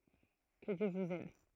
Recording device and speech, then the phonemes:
throat microphone, read sentence
kə djø vuz ɛd

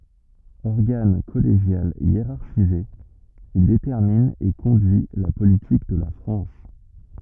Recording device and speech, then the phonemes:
rigid in-ear microphone, read sentence
ɔʁɡan kɔleʒjal jeʁaʁʃize il detɛʁmin e kɔ̃dyi la politik də la fʁɑ̃s

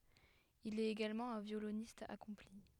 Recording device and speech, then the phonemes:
headset microphone, read sentence
il ɛt eɡalmɑ̃ œ̃ vjolonist akɔ̃pli

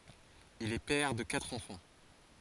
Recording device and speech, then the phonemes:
forehead accelerometer, read sentence
il ɛ pɛʁ də katʁ ɑ̃fɑ̃

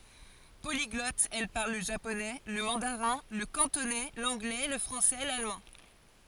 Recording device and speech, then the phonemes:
forehead accelerometer, read sentence
poliɡlɔt ɛl paʁl lə ʒaponɛ lə mɑ̃daʁɛ̃ lə kɑ̃tonɛ lɑ̃ɡlɛ lə fʁɑ̃sɛ lalmɑ̃

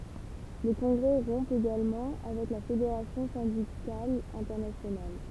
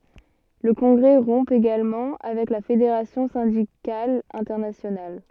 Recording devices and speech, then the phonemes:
temple vibration pickup, soft in-ear microphone, read sentence
lə kɔ̃ɡʁɛ ʁɔ̃ eɡalmɑ̃ avɛk la fedeʁasjɔ̃ sɛ̃dikal ɛ̃tɛʁnasjonal

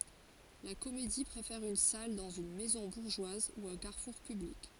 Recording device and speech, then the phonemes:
forehead accelerometer, read sentence
la komedi pʁefɛʁ yn sal dɑ̃z yn mɛzɔ̃ buʁʒwaz u œ̃ kaʁfuʁ pyblik

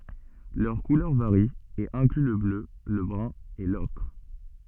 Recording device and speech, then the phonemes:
soft in-ear microphone, read sentence
lœʁ kulœʁ vaʁi e ɛ̃kly lə blø lə bʁœ̃ e lɔkʁ

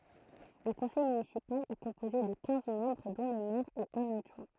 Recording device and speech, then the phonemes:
throat microphone, read sentence
lə kɔ̃sɛj mynisipal ɛ kɔ̃poze də kɛ̃z mɑ̃bʁ dɔ̃ lə mɛʁ e œ̃n adʒwɛ̃

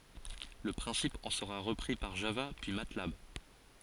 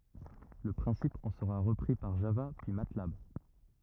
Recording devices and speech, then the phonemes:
forehead accelerometer, rigid in-ear microphone, read sentence
lə pʁɛ̃sip ɑ̃ səʁa ʁəpʁi paʁ ʒava pyi matlab

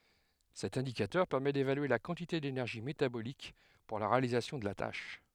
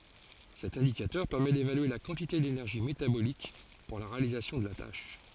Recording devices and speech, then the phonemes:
headset microphone, forehead accelerometer, read sentence
sɛt ɛ̃dikatœʁ pɛʁmɛ devalye la kɑ̃tite denɛʁʒi metabolik puʁ la ʁealizasjɔ̃ də la taʃ

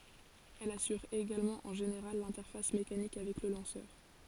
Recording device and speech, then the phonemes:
forehead accelerometer, read sentence
ɛl asyʁ eɡalmɑ̃ ɑ̃ ʒeneʁal lɛ̃tɛʁfas mekanik avɛk lə lɑ̃sœʁ

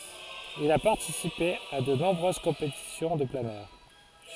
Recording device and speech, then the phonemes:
forehead accelerometer, read sentence
il a paʁtisipe a də nɔ̃bʁøz kɔ̃petisjɔ̃ də planœʁ

